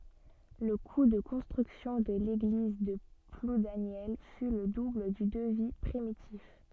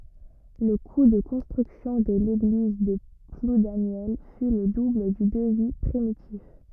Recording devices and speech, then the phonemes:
soft in-ear microphone, rigid in-ear microphone, read sentence
lə ku də kɔ̃stʁyksjɔ̃ də leɡliz də pludanjɛl fy lə dubl dy dəvi pʁimitif

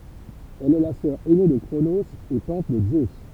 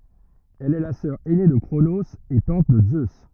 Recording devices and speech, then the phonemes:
temple vibration pickup, rigid in-ear microphone, read sentence
ɛl ɛ la sœʁ ɛne də kʁonoz e tɑ̃t də zø

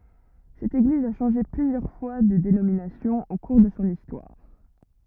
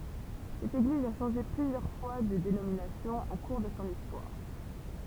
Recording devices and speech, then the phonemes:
rigid in-ear microphone, temple vibration pickup, read sentence
sɛt eɡliz a ʃɑ̃ʒe plyzjœʁ fwa də denominasjɔ̃ o kuʁ də sɔ̃ istwaʁ

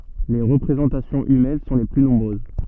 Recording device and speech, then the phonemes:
soft in-ear microphone, read sentence
le ʁəpʁezɑ̃tasjɔ̃z ymɛn sɔ̃ le ply nɔ̃bʁøz

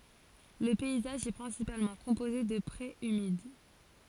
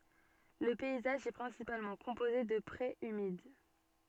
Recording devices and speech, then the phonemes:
forehead accelerometer, soft in-ear microphone, read sentence
lə pɛizaʒ ɛ pʁɛ̃sipalmɑ̃ kɔ̃poze də pʁez ymid

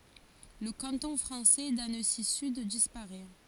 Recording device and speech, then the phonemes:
forehead accelerometer, read sentence
lə kɑ̃tɔ̃ fʁɑ̃sɛ dansizyd dispaʁɛ

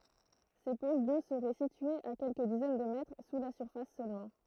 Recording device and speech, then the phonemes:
throat microphone, read sentence
se poʃ do səʁɛ sityez a kɛlkə dizɛn də mɛtʁ su la syʁfas sølmɑ̃

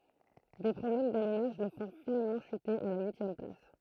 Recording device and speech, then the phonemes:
throat microphone, read sentence
de pʁɔblɛm dalymaʒ lə fɔ̃ finalmɑ̃ ʃyte a la yisjɛm plas

